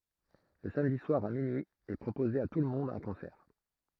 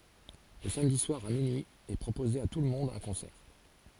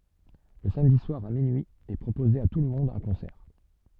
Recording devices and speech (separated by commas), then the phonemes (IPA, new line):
throat microphone, forehead accelerometer, soft in-ear microphone, read sentence
lə samdi swaʁ a minyi ɛ pʁopoze a tulmɔ̃d œ̃ kɔ̃sɛʁ